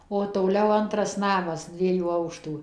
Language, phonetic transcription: Lithuanian, o toˈliau ˈantras ˈnamas ˈdviejų ˈaukštų

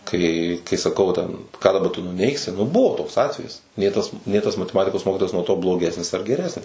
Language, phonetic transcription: Lithuanian, kai kai saˈkau va ten ką daˈba tu nuˈneigsi nu ˈbuvo ˈtoks ˈatvejis ˈnė tas ˈnė tas mateˈmatikos ˈmokitojas nuo ˈto bloˈgesnis ar geˈresnis

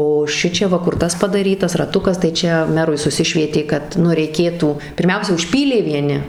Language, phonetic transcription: Lithuanian, o šiˈčia ˈva ˈkur ˈtas padaˈrytas raˈtukas tai ˈčia ˈmerui suˈsišvietė kad ˈnu reiˈkėtų pirˈmiausia užˈpylė vieˈni

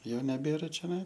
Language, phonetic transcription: Lithuanian, ˈjau neˈbėra čioˈnai

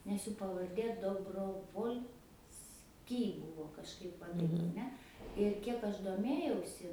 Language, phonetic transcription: Lithuanian, nes ˈjų pavarˈdė dobrovolˈsky ˈbuvo kažˈkaip ˈva taip aˈne ir ˈkiek ˈaš doˈmėjausi

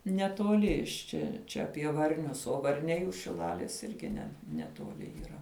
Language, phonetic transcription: Lithuanian, netoˈli iš ˈčia ˈčia apie varˈnius o varˈniai už šiˈlalės ˈirgi ne netuoˈli yˈra

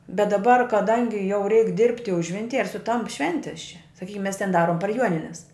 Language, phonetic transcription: Lithuanian, bet daˈbar kaˈdangi jau reik dirbti ˈužvintij ir suˈtamp ˈšventis čia saˈkykim mes ten ˈdarom par ˈjuonines

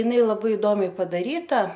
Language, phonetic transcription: Lithuanian, jiˈnai laˈbai iˈdomiai padaˈryta

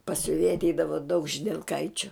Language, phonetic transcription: Lithuanian, pas siuˈvėja atˈeidavo daug židelˈkaičiu

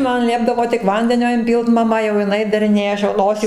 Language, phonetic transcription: Lithuanian, ˈman ˈliepdavo tik ˈvandenio inˈpylt maˈma jau jiˈnai dariˈnėja ˈaš jau ˈnosį

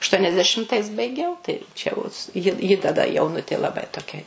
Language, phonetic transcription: Lithuanian, aštuoniasdeˈšimtais baiˈgiau tai ˈčia jau ji ji taˈda jauˈnutė laˈbai toˈkia

